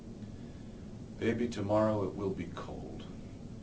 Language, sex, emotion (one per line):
English
male
neutral